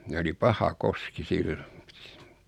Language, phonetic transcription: Finnish, '[sii]nä oli "paha "koski 'sillᴏ .
- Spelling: siinä oli paha koski silloin

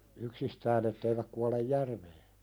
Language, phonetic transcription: Finnish, 'yksistään ‿etteiväk kualej "järvee .
- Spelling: yksistään että eivät kuole järveen

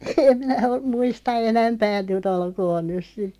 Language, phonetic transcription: Finnish, 'em minä om , 'muista "enämpää 'nyt ‿olkoon 'nyˢ 'sit .
- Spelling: en minä ole muista enempää nyt olkoon nyt sitten

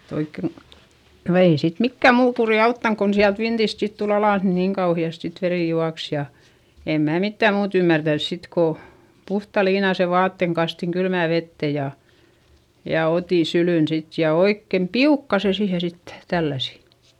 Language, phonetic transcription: Finnish, oikke , no ei sit mikkäm muu kurì auttaŋ kon siält vintist sit tul ‿alàs ni niŋ kauhi₍ast sit verì juaks ja , em mää mittäm muut ‿ymmärtäns sit ko , puhta liinase vaatteŋ kastiŋ kylmä̀ vette ja , ja otì sylỳn sit ja oikkem piukka se siihe sittE , tälläsi .
- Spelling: oikein no ei sitten mikään muu kuri auttanut kun sieltä vintistä sitten tuli alas niin niin kauheasti sitten veri juoksi ja en minä mitään muuta ymmärtänyt sitten kun puhtaan liinaisen vaatteen kastoin kylmään veteen ja ja otin syliin sitten ja oikein piukkaan sen siihen sitten tälläsin

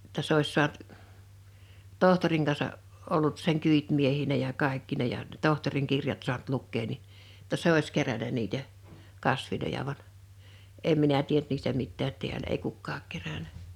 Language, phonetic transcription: Finnish, [jot]ta 's ‿ois 'soant , 'tohtoriŋ kansa , 'ollut seŋ 'kỳitmiehi̳nä ja 'kàikkina ja , 'tohtoriŋ 'kirjat su̬ant 'lukkee ni , [jo]tta "se ois 'keränä niitä , 'kasviloja vaɴ , 'em minä 'tient niistä 'mittäät 'ti̬älä ei 'kukkaak 'keränä .
- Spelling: jotta se olisi saanut tohtorin kanssa ollut sen kyytimiehenä ja kaikkina ja tohtorin kirjat saanut lukea niin jotta se olisi kerännyt niitä kasveja vaan en minä tiennyt niistä mitään täällä ei kukaan kerännyt

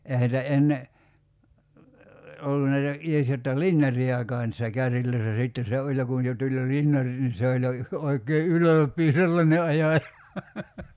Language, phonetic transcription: Finnish, 'ehä nitä 'enne , 'ollu näitä , 'ies jotta "linjar̀i₍akaa niissä 'kärril̀öissä 'sitten̬ se 'oĺ ja kun̬ jo 'tuĺ jo 'linjarit nin̬ 'se oĺ jo , 'oik̀ee "ylöp̀ii 'sellane 'aja(ja) .
- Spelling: eihän niitä ennen ollut näitä edes jotta linjareitakaan niissä kärryissä sitten se oli ja kun jo tuli jo linjarit niin se oli jo oikein ylpeä sellainen ajaja

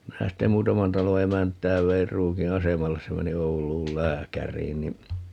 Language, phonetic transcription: Finnish, 'minä ste "muutaman 'talo 'emänt̀ää 'veir 'Ruuki "asemalles - se 'meni 'Oul̀uul "lääkär̀iin ni , .
- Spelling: minä sitten muutaman talon emäntää vein Ruukin asemalle se meni Ouluun lääkäriin niin

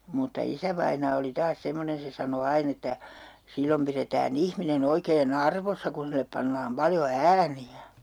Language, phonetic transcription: Finnish, mutta 'isävainaa oli 'taas 'semmonen̬ 'se sano 'ain ‿että , » 'sillom piretää'n ‿ihmine'n ‿oikee"n ‿arvossa kun sillep 'pannaam 'paljo "ääni₍ä » .
- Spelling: mutta isävainaa oli taas semmoinen se sanoi aina että silloin pidetään ihminen oikein arvossa kun sille pannaan paljon ääniä

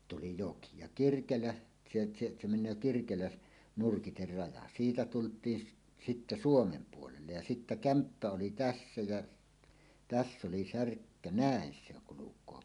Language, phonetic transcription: Finnish, tuli "joki , ja "Kirkelä , ᵗse ᵗse , se meǹöö 'Kirkelä- , "nurkiter 'raja 'siitä tult̀iin sit- "sittä "Suomem 'puolellej ja 'sittä "kämppä oli "tässä jä , "täss ‿oli 'särkkä "nä̀en se ‿oŋ kuluk̀oo .
- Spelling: tuli joki ja Kirkelä se se se menee Kirkelän nurkkien raja siitä tultiin - sitten Suomen puolelle ja sitten kämppä oli tässä ja tässä oli särkkä näin se on kulkee

